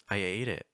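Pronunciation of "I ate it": The pitch of 'I ate it' starts low, goes high, and then goes down.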